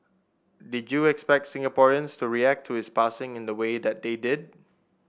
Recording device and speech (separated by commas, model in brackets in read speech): boundary microphone (BM630), read sentence